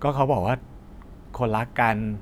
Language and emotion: Thai, frustrated